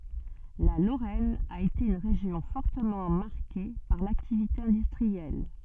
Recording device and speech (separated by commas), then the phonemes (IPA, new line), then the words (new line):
soft in-ear microphone, read sentence
la loʁɛn a ete yn ʁeʒjɔ̃ fɔʁtəmɑ̃ maʁke paʁ laktivite ɛ̃dystʁiɛl
La Lorraine a été une région fortement marquée par l'activité industrielle.